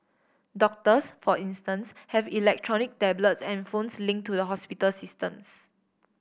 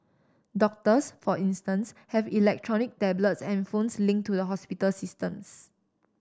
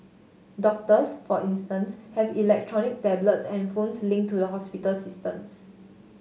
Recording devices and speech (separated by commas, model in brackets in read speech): boundary microphone (BM630), standing microphone (AKG C214), mobile phone (Samsung S8), read sentence